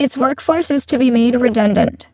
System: VC, spectral filtering